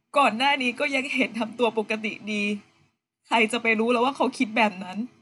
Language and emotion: Thai, sad